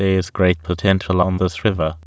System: TTS, waveform concatenation